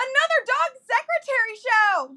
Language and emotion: English, happy